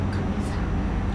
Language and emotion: Thai, sad